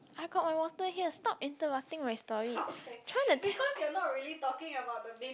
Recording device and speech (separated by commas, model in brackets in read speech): close-talking microphone, conversation in the same room